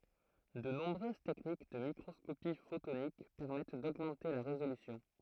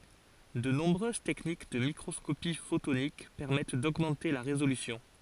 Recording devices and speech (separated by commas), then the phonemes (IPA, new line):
throat microphone, forehead accelerometer, read sentence
də nɔ̃bʁøz tɛknik də mikʁɔskopi fotonik pɛʁmɛt doɡmɑ̃te la ʁezolysjɔ̃